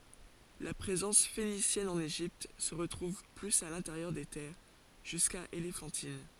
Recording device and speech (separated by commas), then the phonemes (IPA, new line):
forehead accelerometer, read sentence
la pʁezɑ̃s fenisjɛn ɑ̃n eʒipt sə ʁətʁuv plyz a lɛ̃teʁjœʁ de tɛʁ ʒyska elefɑ̃tin